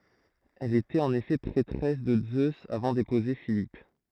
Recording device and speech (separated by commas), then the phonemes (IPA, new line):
throat microphone, read sentence
ɛl etɛt ɑ̃n efɛ pʁɛtʁɛs də zøz avɑ̃ depuze filip